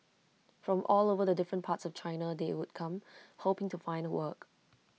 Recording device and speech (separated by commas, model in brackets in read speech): mobile phone (iPhone 6), read sentence